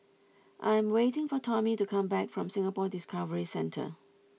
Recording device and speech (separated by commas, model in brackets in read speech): mobile phone (iPhone 6), read sentence